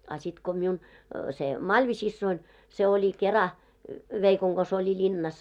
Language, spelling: Finnish, a sitten kun minun se Malvi-siskoni se oli kerran veikon kanssa oli linnassa
- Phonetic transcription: a sit ko miun , se "Maĺvi'sissoin , se oĺi 'kera , 'veikoŋ ɢos oĺi 'ĺinnas .

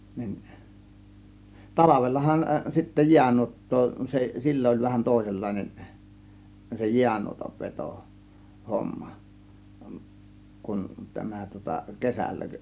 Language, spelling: Finnish, niin talvellahan sitten jäänuottaa se silloin oli vähän toisenlainen se jäänuotan veto homma kuin tämä tuota kesällä
- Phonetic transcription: 'nin , "talavellahan sittä "jiänuot̀too , se , 'sillo °ĺ vähän 'tòėsellàėnen , se 'jiänuotav "veto , "homma , kun tämä tŭŏta 'kesällä .

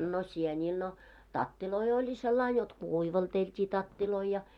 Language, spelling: Finnish, no sienille no tatteja oli sillä lailla jotta kuivalteltiin tatteja ja
- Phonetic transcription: no 'sieńiil no , 'tattiloi oĺi sellain jot "kùivaltelt́ii 'tattiloi ja .

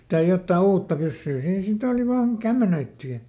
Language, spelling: Finnish, mitä jotakin uutta pyssyä siinä sitten oli vain kämmenöity ja
- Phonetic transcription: mitä ˈjottaa ˈuutta pyssyy ˈsiin siˈt ‿òli vaan , "kämmenöitty ja ,.

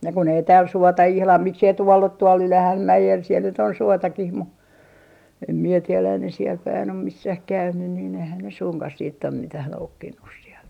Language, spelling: Finnish, ja kun ei täällä suota ihan miksi ei tuolla ole tuolla Ylähänmäellä siellä nyt on suotakin mutta en minä tiedä ei ne siellä päin ole missään käynyt niin eihän ne suinkaan sitten ole mitään noukkinut sieltä
- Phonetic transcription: ja kun ‿ei tääl "suota 'ihlam 'miksei tuoll ‿o tuol 'Ylähämmäjel siel nyt ‿on 'suotakih mu , em mie 'tielä ei ne siel päin om 'missäh "käynyn niin eihän ne 'suŋkah siit ‿om 'mitäh 'noukkinnus sielt .

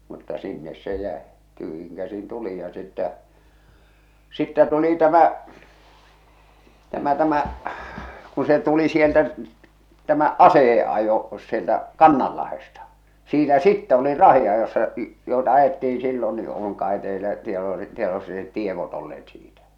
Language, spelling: Finnish, mutta sinne se jäi tyhjin käsin tulin ja sitten sitten tuli tämä tämä tämä kun se tuli sieltä tämä aseiden ajo sieltä Kannanlahdesta siinä sitten olin rahdinajossa joita ajettiin silloin niin on kai teillä tieto tiedossa ne tiedot olleet siitä
- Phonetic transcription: mutta 'sinnes se 'jä̀e , 'tyhjiŋ 'käsin 'tulij ja sittɛ , 'sittɛ 'tuli 'tämái , 'tämä 'tämä , kun̬ se tuli sieltä , tämä "asèje ajo , sieltä , "Kannallahesta , siinä "sittɛ olir "rahi₍ajossa , joeta ajetti₍in̬ sillon ni oŋ kae teilä , tieto 'tievossa net "tievot olleet siitᴀ̈ ?

